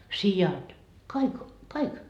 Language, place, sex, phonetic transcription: Finnish, Markkova, female, 'sijat , 'kaik , 'kaik .
- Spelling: siat kaikki kaikki

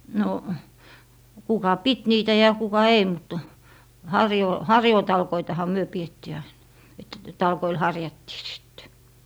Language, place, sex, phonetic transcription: Finnish, Lappee, female, no , kuka "pit 'niitä ja kuka 'ei mut , 'harjoo- , "harjootalkoitaha 'myö piettii ain , et 'talkoil "harjattii sIttE .
- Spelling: no kuka piti niitä ja kuka ei mutta - harjuutalkoitahan me pidettiin aina että talkoilla harjattiin sitten

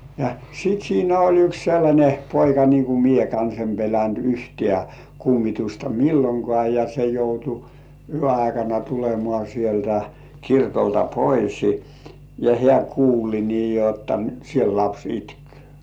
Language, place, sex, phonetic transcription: Finnish, Kurkijoki, male, ja sit 'siinä oĺ yks sellańe 'poika nii ku "mie kans em 'pelänt "yhtĕä̀ , kummitusta "milloŋkŏà ja se 'joutu , "yö 'aikana tulemŏà sieltä , 'kirkolta "poisi , ja 'heä "kuuli nii jotta 'nyt siel "laps itkʏ̆ᴏ̈ .
- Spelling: ja sitten siinä oli yksi sellainen poika niin kun minä kanssa en pelännyt yhtään kummitusta milloinkaan ja se joutui yön aikana tulemaan sieltä kirkolta pois ja hän kuuli niin jotta nyt siellä lapsi itki

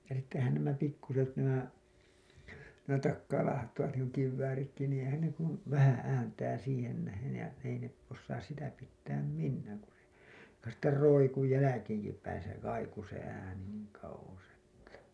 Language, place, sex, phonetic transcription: Finnish, Hailuoto, male, ja sittehän nämä pikkuset nämä , nämä 'takkaalaahattavat niiŋku kivvääritki niiḭ 'eⁱhän ne ‿kun , 'vähää̰ 'ääntää siihen nähen̬ ja ei ne , ossaas 'sitä pittääm "minnääŋ ku se , (jo)ka sitter 'roiku 'jäläkeeŋkipäin se 'kaiku se ääni niiŋ kauWos ‿että .
- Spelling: ja sittenhän nämä pikkuiset nämä nämä takaalaahattavat niin kuin kivääritkin niin eihän ne kuin vähän ääntää siihen nähden ja ei ne osaa sitä pitää minään kun se joka sitten roikkui jälkeenkinpäin se kaikui se ääni niin kauas että

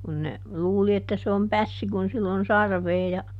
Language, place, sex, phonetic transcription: Finnish, Juupajoki, female, kun ne , ˈluuli että se om "pässi kun ˈsill ‿on "sarvee ja ,.
- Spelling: kun ne luuli että se on pässi kun sillä on sarvea ja

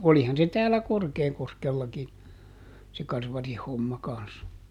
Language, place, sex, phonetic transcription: Finnish, Juupajoki, male, ˈolihan se ˈtäällä "Korkeekoskellaki , se ˈkarvarih ˈhomma kans .
- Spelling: olihan se täällä Korkeakoskellakin se karvarin homma kanssa

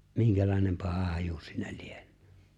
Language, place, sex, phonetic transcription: Finnish, Lapinlahti, male, 'miŋkälài̬nem 'paha haju siinä 'lieɴ̀ᴏ̈ᴏ̈ .
- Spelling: minkälainen paha haju siinä lienee

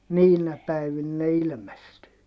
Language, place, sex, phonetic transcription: Finnish, Heinola, male, niinä päivin ne ilmestyy .
- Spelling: niinä päivinä ne ilmestyy

